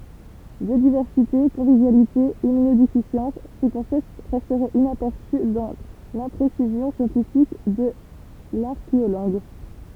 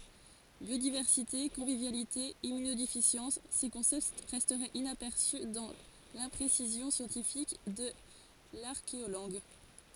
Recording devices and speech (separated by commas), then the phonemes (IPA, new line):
temple vibration pickup, forehead accelerometer, read sentence
bjodivɛʁsite kɔ̃vivjalite immynodefisjɑ̃s se kɔ̃sɛpt ʁɛstɛt inapɛʁsy dɑ̃ lɛ̃pʁesizjɔ̃ sjɑ̃tifik də laʁkeolɑ̃ɡ